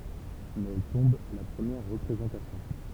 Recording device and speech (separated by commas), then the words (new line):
temple vibration pickup, read sentence
Mais elle tombe à la première représentation.